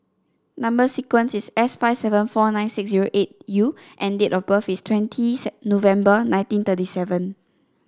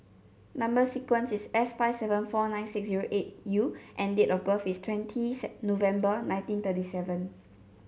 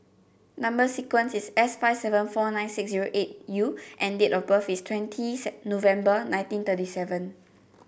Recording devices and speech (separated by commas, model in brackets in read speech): standing microphone (AKG C214), mobile phone (Samsung C7), boundary microphone (BM630), read sentence